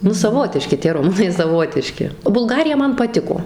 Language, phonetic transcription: Lithuanian, ˈnu saˈvotiški tie ruˈmunai saˈvotiški bulˈgarija ˈman paˈtiko

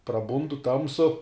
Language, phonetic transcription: Lithuanian, praˈbundu ˈtamsu

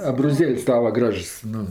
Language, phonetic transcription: Lithuanian, abroˈzėl's' ˈtava ˈgražs ˈnu

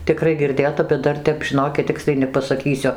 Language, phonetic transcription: Lithuanian, tiˈkrai girˈdėta bet ˈdar ˈtep žiˈnokit ˈtiksliai nepasaˈkysiu

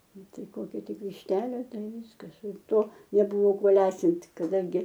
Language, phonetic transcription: Lithuanian, ˈnu ˈtai ˈkokia ˈtik višˈtelė ˈtai ˈvyskas ˈir ˈto neˈbuvo ˈkuo ˈlesint' kaˈdangi

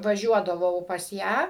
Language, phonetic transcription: Lithuanian, vaˈžiuodavau pas ˈją

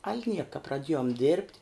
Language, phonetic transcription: Lithuanian, al' ˈnieka praˈdiejom dirbt'

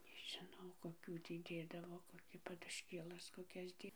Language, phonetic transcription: Lithuanian, nežiˈnau koˈkių ˈtį ˈdėdavo koˈkį padušˈkėlas koˈkias ˈtį

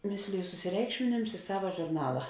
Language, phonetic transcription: Lithuanian, ˈmisliju susiˈreikšminims i ˈsava žurˈnala

